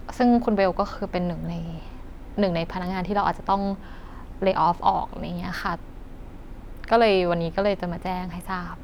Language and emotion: Thai, sad